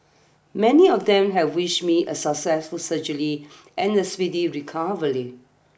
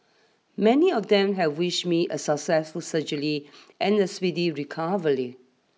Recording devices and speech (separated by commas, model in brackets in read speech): boundary microphone (BM630), mobile phone (iPhone 6), read sentence